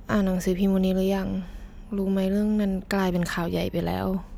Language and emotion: Thai, frustrated